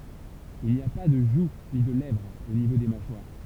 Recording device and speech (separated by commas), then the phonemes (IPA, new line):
temple vibration pickup, read sentence
il ni a pa də ʒu ni də lɛvʁ o nivo de maʃwaʁ